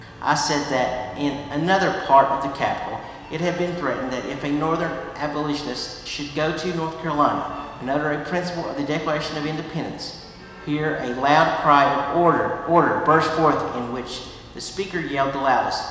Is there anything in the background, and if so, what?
Music.